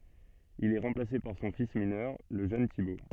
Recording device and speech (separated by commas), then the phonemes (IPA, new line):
soft in-ear microphone, read sentence
il ɛ ʁɑ̃plase paʁ sɔ̃ fis minœʁ lə ʒøn tibo